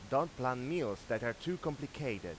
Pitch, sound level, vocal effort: 130 Hz, 92 dB SPL, loud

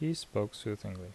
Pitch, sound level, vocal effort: 105 Hz, 75 dB SPL, soft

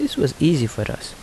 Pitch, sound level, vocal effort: 140 Hz, 75 dB SPL, soft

